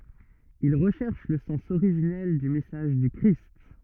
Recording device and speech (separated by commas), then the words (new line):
rigid in-ear microphone, read sentence
Ils recherchent le sens originel du message du Christ.